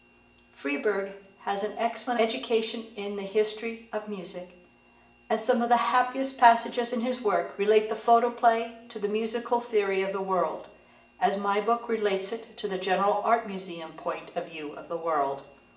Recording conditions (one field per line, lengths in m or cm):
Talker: one person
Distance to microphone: 1.8 m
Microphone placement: close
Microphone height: 1.0 m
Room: large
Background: none